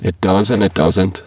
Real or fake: fake